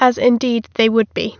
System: none